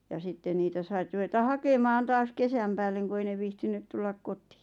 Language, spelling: Finnish, ja sitten niitä saitte ruveta hakemaan taas kesän päälle kun ei ne viitsinyt tulla kotiin
- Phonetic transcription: ja 'sitte niitä sait ruʷeta "hakemaan 'taas "kesäm päälleŋ ku 'ei ne viihtin(y)t 'tullak 'kot̀ɪɪ .

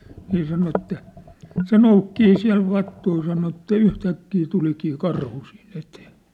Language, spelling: Finnish, niin sanoi että se noukkii siellä vattuja sanoi että yhtäkkiä tulikin karhu siinä eteen
- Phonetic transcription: ni sano että , "se noukkii 'siä̭l 'vattui sano että 'yhtäkkii 'tulikii "karhu sii'n ‿etee .

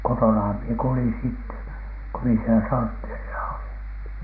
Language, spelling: Finnish, kotonahan minä kuljin sitten kun minä siellä sortteerissa olin
- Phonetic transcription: 'kotonaham mie kulin 'sitte , ko mi ‿sielä "sortteerisa oliN .

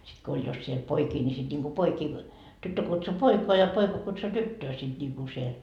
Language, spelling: Finnish, sitten kun oli jos siellä poikia niin sitten niin kuin poikia tyttö kutsui poikaa ja poika kutsui tyttöä sitten niin kuin siellä
- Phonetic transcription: sit ko 'oĺ jos siel 'poikii ńi sit ńiŋku 'poikii , 'tyttö kutsu "poikoa ja 'poika kutsu "tyttöö sit niku siel .

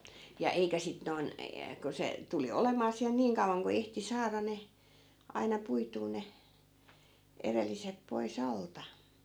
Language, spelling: Finnish, ja eikä sitten noin ja kun se tuli olemaan siellä niin kauan kun ehti saada ne aina puitua ne edelliset pois alta
- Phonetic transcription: ja 'eikä 'sit noi̮n , ja , ku 'se , 'tuli "olemaa siäl 'niiŋ kauvaŋ ku 'ehti 'saara ne , aina 'puituu ne , 'erellisep poi̮"s ‿alta .

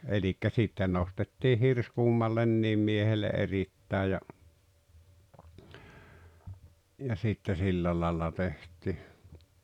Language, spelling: Finnish, eli sitten nostettiin hirsi kummallekin miehelle erittäin ja ja sitten sillä lailla tehtiin
- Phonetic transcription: elikkä 'sitte nostettii "hirs "kummallenniim miehelle '’erittä̀e ja , ja sitte 'sillä làella 'teht̀i .

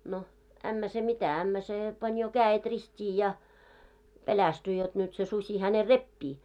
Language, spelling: Finnish, no ämmä se mitä ämmä se pani jo kädet ristiin ja pelästyi jotta nyt se susi hänen repii
- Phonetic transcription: no , 'ämmä se 'mitä , ämmä "sè , pań jo "kää₍et 'rist́ii ja , 'pelästy jot nyt se 'susi häne "reppii .

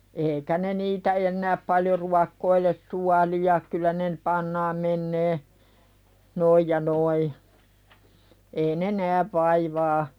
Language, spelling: Finnish, eikä ne niitä enää paljon ruokkoile suolia kyllä ne - pannaan menemään noin ja noin ei ne näe vaivaa
- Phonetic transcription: 'eeikä ne niitä ennääp paljo "ruakkoiles suali₍a kyllä ne n- , 'pannaam mennee , "noij ja 'noi , ei "ne 'nääv vaivaa .

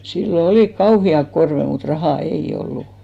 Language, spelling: Finnish, silloin olivat kauheat korvet mutta rahaa ei ollut
- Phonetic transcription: 'sillo "olìk 'kauhi₍ak 'korve mut 'rahà "ei'ʲ ‿ollu .

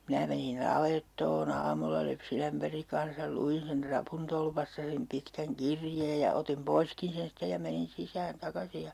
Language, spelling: Finnish, minä menin navettaon aamulla lypsinämpärin kanssa luin sen rapuntolpasta sen pitkän kirjeen ja otin poiskin sen sitten ja menin sisään takaisin ja
- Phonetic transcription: 'minä menin "navettoo'n ‿aamulla 'lypsinämpäriŋ kan̬sal 'lu₍in sen 'trapuntolpasta sem 'pitkäŋ "kirjeej ja otim 'poiskin̬ sen 'sitte ja menin 'sisään 'takasi ja ,.

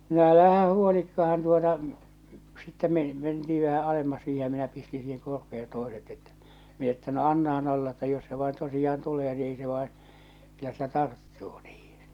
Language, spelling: Finnish, no älä huolikaan tuota sitten - mentiin vähän alemmas siihen ja minä pistin siihen korpeen toiset että minä että no annahan olla että jos se vain tosiaan tulee niin ei se vain kyllä se tarttuu niihin
- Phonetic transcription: no 'älähä 'huolikkahan tuota , sitte men- , menti₍i vähä 'alemmas siihe ja minä pisti siiheŋ 'korpe₍en̬ 'tòeset ettᴀ̈ , min ‿että » no 'annahan olla että jos se vaen tosijaan 'tulee ni ei se vàen , kyllä se 'tarttuu niihɪɴ « .

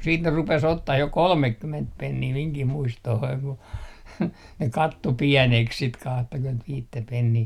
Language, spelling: Finnish, sitten ne rupesi ottamaan jo kolmekymmentä penniä minunkin muistooni kun ne katsoi pieneksi sitten kahtakymmentäviittä penniä
- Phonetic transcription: siit ne 'rupes 'ottah jo "kolmekkyment 'pennii miŋkih 'muistohoiŋ ku , ne 'katto "piɛneks sit kahtakymentviittä pennii .

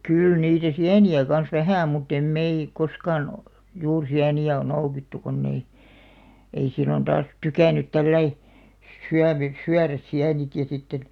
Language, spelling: Finnish, kyllä niitä sieniä kanssa vähän mutta emme me koskaan - juuri sieniä ole noukittu kun ei ei silloin taas tykännyt tällä lailla - - syödä sieniäkään sitten
- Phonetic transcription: 'kỳl niitä "siäni₍ä kans "vähä̀ mutt ‿em 'mei , 'koskaan ‿ᵒ- , juur 'siäni₍ä ᵒⁿ 'noukittu konn ‿ei , ei 'sillon taas "tukä̀n̆§nyt 'tälläi , sʸ- 'syävy- , 'syäräs 'siän(ikä) sitten ,.

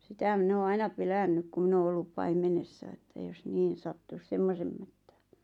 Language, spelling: Finnish, sitä minä olen aina pelännyt kun minä olen ollut paimenessa että jos niin sattuisi semmoisen mättään
- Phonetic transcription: 'sitä 'min ‿oo 'aina 'pelännyk ku 'min ‿oo 'ollup "paimenessa että jos 'niin̬ sattus "semmosem mättᴀ̈ᴀ̈ɴ .

